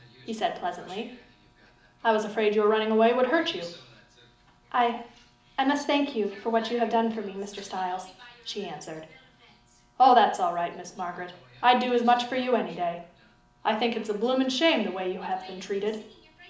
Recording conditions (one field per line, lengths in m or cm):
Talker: one person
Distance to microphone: 2.0 m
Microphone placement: close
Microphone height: 99 cm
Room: medium-sized (5.7 m by 4.0 m)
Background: television